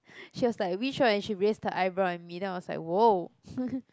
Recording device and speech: close-talking microphone, conversation in the same room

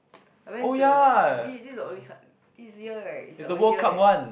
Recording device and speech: boundary microphone, conversation in the same room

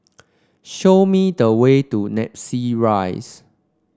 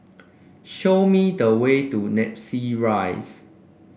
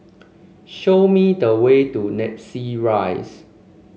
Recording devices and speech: standing microphone (AKG C214), boundary microphone (BM630), mobile phone (Samsung C5), read sentence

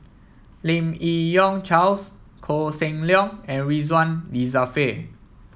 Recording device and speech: mobile phone (iPhone 7), read sentence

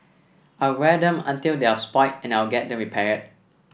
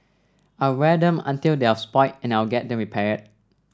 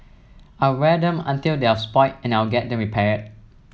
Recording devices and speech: boundary microphone (BM630), standing microphone (AKG C214), mobile phone (iPhone 7), read sentence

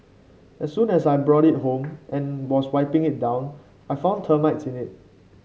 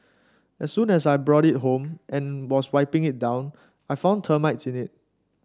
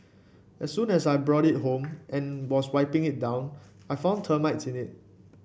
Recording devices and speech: mobile phone (Samsung C5), standing microphone (AKG C214), boundary microphone (BM630), read sentence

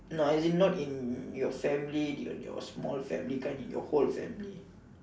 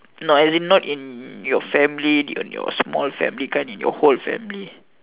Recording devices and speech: standing microphone, telephone, conversation in separate rooms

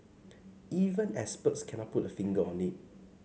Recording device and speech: mobile phone (Samsung C5), read sentence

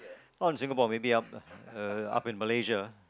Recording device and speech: close-talking microphone, conversation in the same room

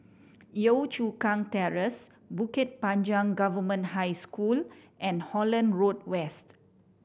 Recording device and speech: boundary microphone (BM630), read sentence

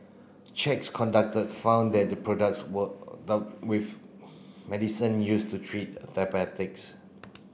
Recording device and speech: boundary microphone (BM630), read sentence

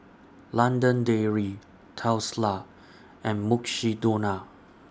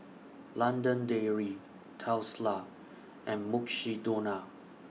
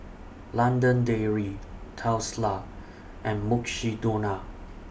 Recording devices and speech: standing microphone (AKG C214), mobile phone (iPhone 6), boundary microphone (BM630), read sentence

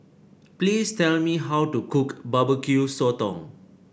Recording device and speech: boundary microphone (BM630), read sentence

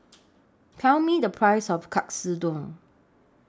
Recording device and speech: standing microphone (AKG C214), read sentence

